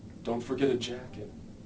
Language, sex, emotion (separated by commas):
English, male, neutral